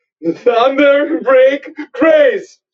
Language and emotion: English, sad